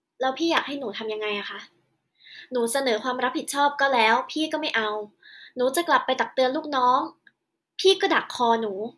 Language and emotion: Thai, frustrated